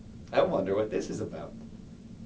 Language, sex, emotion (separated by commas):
English, male, neutral